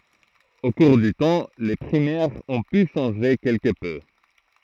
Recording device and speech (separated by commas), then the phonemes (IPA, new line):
throat microphone, read sentence
o kuʁ dy tɑ̃ le pʁimɛʁz ɔ̃ py ʃɑ̃ʒe kɛlkə pø